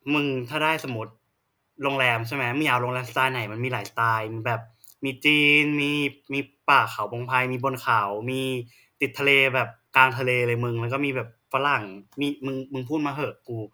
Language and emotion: Thai, neutral